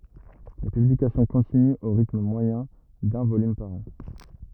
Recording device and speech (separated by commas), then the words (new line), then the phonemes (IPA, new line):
rigid in-ear microphone, read sentence
Les publications continuent au rythme moyen d’un volume par an.
le pyblikasjɔ̃ kɔ̃tinyt o ʁitm mwajɛ̃ dœ̃ volym paʁ ɑ̃